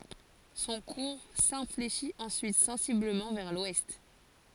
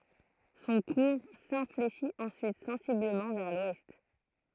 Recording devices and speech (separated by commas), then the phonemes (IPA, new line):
forehead accelerometer, throat microphone, read sentence
sɔ̃ kuʁ sɛ̃fleʃit ɑ̃syit sɑ̃sibləmɑ̃ vɛʁ lwɛst